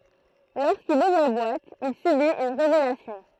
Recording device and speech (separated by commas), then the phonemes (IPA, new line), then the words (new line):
throat microphone, read sentence
loʁskil uvʁ la bwat il sybit yn ʁevelasjɔ̃
Lorsqu'il ouvre la boîte, il subit une révélation.